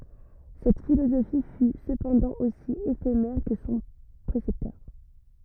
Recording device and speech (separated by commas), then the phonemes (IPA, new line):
rigid in-ear microphone, read sentence
sɛt filozofi fy səpɑ̃dɑ̃ osi efemɛʁ kə sɔ̃ pʁesɛptœʁ